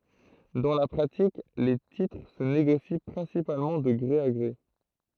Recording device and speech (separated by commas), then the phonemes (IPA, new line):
throat microphone, read sentence
dɑ̃ la pʁatik le titʁ sə neɡosi pʁɛ̃sipalmɑ̃ də ɡʁe a ɡʁe